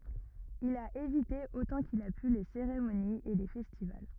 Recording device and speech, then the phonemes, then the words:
rigid in-ear microphone, read sentence
il a evite otɑ̃ kil a py le seʁemoniz e le fɛstival
Il a évité autant qu'il a pu les cérémonies et les festivals.

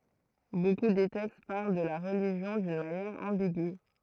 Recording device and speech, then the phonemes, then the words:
throat microphone, read sentence
boku de tɛkst paʁl də la ʁəliʒjɔ̃ dyn manjɛʁ ɑ̃biɡy
Beaucoup des textes parlent de la religion d'une manière ambigüe.

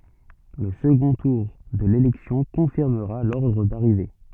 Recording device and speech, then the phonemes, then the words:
soft in-ear microphone, read sentence
lə səɡɔ̃ tuʁ də lelɛksjɔ̃ kɔ̃fiʁməʁa lɔʁdʁ daʁive
Le second tour de l'élection confirmera l'ordre d'arrivée.

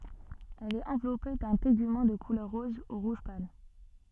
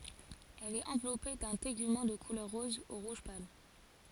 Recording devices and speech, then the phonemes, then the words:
soft in-ear microphone, forehead accelerometer, read sentence
ɛl ɛt ɑ̃vlɔpe dœ̃ teɡymɑ̃ də kulœʁ ʁɔz u ʁuʒ pal
Elle est enveloppée d'un tégument de couleur rose ou rouge pâle.

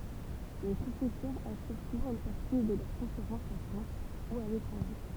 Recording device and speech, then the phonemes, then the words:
temple vibration pickup, read sentence
le pʁofɛsœʁz asyʁ suvɑ̃ yn paʁti də lœʁ kɔ̃feʁɑ̃sz ɑ̃ fʁɑ̃s u a letʁɑ̃ʒe
Les professeurs assurent souvent une partie de leurs conférences en France ou à l'étranger.

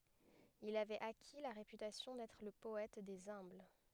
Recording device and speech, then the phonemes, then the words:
headset microphone, read sentence
il avɛt aki la ʁepytasjɔ̃ dɛtʁ lə pɔɛt dez œ̃bl
Il avait acquis la réputation d’être le poète des humbles.

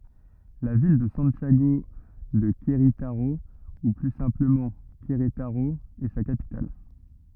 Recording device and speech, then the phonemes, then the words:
rigid in-ear microphone, read sentence
la vil də sɑ̃tjaɡo də kʁetaʁo u ply sɛ̃pləmɑ̃ kʁetaʁo ɛ sa kapital
La ville de Santiago de Querétaro, ou plus simplement Querétaro, est sa capitale.

